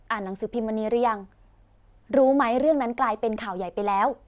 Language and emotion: Thai, frustrated